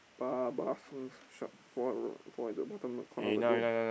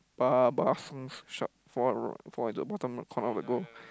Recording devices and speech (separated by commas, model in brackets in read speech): boundary microphone, close-talking microphone, conversation in the same room